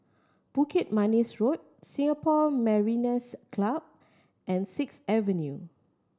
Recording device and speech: standing microphone (AKG C214), read sentence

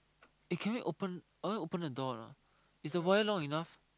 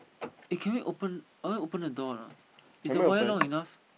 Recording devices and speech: close-talking microphone, boundary microphone, conversation in the same room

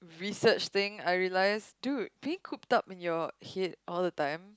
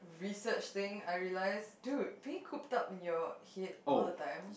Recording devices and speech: close-talking microphone, boundary microphone, conversation in the same room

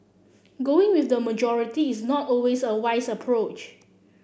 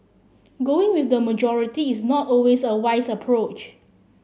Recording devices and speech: boundary microphone (BM630), mobile phone (Samsung C7), read sentence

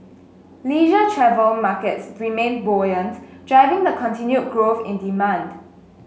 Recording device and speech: mobile phone (Samsung S8), read sentence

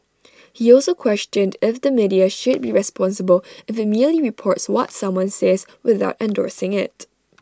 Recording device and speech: standing microphone (AKG C214), read sentence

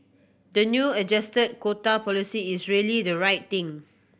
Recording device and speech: boundary microphone (BM630), read sentence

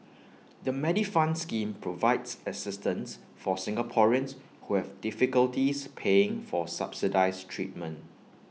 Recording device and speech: mobile phone (iPhone 6), read sentence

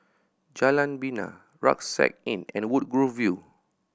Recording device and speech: boundary microphone (BM630), read sentence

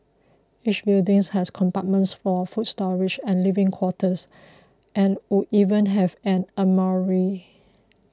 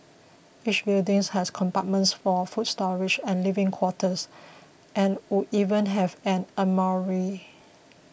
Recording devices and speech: close-talking microphone (WH20), boundary microphone (BM630), read sentence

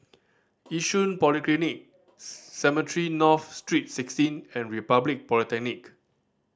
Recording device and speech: standing microphone (AKG C214), read sentence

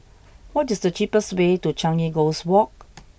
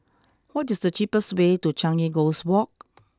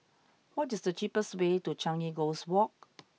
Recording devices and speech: boundary microphone (BM630), close-talking microphone (WH20), mobile phone (iPhone 6), read sentence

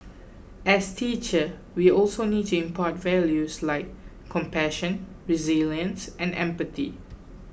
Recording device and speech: boundary microphone (BM630), read sentence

